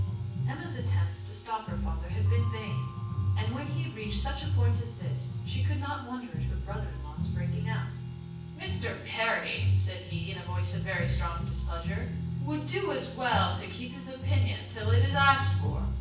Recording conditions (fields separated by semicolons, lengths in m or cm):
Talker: one person; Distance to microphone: 9.8 m; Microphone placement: far; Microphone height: 1.8 m; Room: large; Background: music